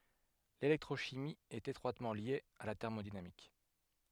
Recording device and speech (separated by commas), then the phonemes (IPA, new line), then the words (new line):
headset microphone, read sentence
lelɛktʁoʃimi ɛt etʁwatmɑ̃ lje a la tɛʁmodinamik
L'électrochimie est étroitement liée à la thermodynamique.